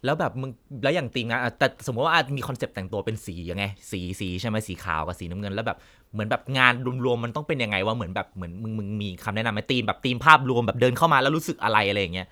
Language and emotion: Thai, neutral